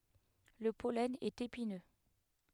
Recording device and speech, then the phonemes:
headset microphone, read sentence
lə pɔlɛn ɛt epinø

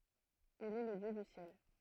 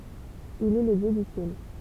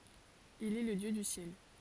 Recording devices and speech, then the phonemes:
throat microphone, temple vibration pickup, forehead accelerometer, read sentence
il ɛ lə djø dy sjɛl

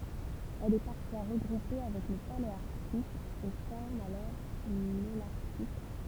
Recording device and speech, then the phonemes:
temple vibration pickup, read sentence
ɛl ɛ paʁfwa ʁəɡʁupe avɛk lə paleaʁtik e fɔʁm alɔʁ lolaʁtik

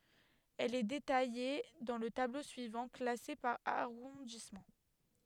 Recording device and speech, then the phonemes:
headset microphone, read sentence
ɛl ɛ detaje dɑ̃ lə tablo syivɑ̃ klase paʁ aʁɔ̃dismɑ̃

